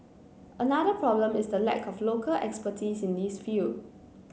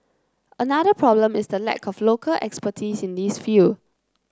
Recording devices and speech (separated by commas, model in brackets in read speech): mobile phone (Samsung C9), close-talking microphone (WH30), read sentence